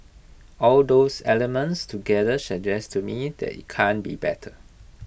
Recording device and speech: boundary microphone (BM630), read sentence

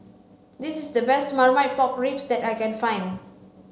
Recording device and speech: mobile phone (Samsung C5), read sentence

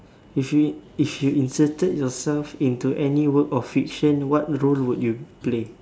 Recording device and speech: standing microphone, conversation in separate rooms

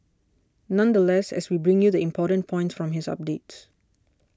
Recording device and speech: standing microphone (AKG C214), read sentence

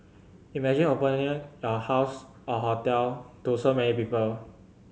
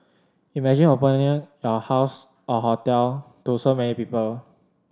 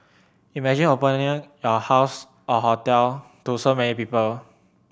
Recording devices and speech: mobile phone (Samsung C7100), standing microphone (AKG C214), boundary microphone (BM630), read sentence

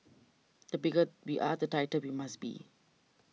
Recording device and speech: mobile phone (iPhone 6), read sentence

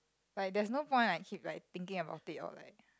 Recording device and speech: close-talking microphone, conversation in the same room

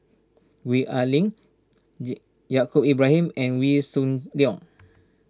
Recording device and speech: standing microphone (AKG C214), read sentence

